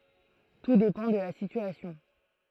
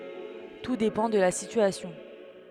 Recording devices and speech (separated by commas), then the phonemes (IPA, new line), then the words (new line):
throat microphone, headset microphone, read sentence
tu depɑ̃ də la sityasjɔ̃
Tout dépend de la situation.